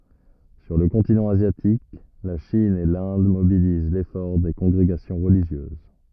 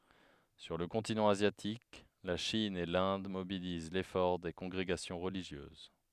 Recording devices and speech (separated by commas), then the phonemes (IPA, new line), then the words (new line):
rigid in-ear microphone, headset microphone, read sentence
syʁ lə kɔ̃tinɑ̃ azjatik la ʃin e lɛ̃d mobiliz lefɔʁ de kɔ̃ɡʁeɡasjɔ̃ ʁəliʒjøz
Sur le continent asiatique, la Chine et l’Inde mobilisent l’effort des congrégations religieuses.